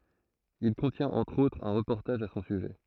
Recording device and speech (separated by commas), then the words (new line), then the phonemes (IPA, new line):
throat microphone, read sentence
Il contient entre autres un reportage à son sujet.
il kɔ̃tjɛ̃t ɑ̃tʁ otʁz œ̃ ʁəpɔʁtaʒ a sɔ̃ syʒɛ